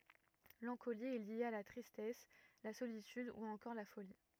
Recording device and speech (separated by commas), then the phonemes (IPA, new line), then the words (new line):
rigid in-ear microphone, read sentence
lɑ̃koli ɛ lje a la tʁistɛs la solityd u ɑ̃kɔʁ la foli
L'ancolie est liée à la tristesse, la solitude ou encore la folie.